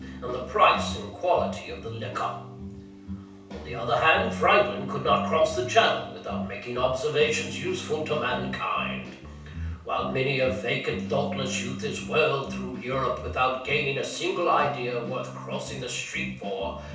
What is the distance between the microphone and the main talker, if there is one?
3.0 m.